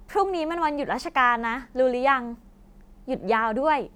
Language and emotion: Thai, happy